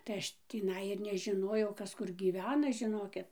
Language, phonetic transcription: Lithuanian, tai ˈaš tįˈnai ir nežiˈnojau ˈkas ˈkur gyˈvena žiˈnokit

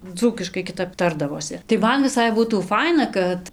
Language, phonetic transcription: Lithuanian, ˈdzūkiškai kiˈtap ˈtardavosi tai ˈman viˈsai ˈbūtų ˈfaina kad

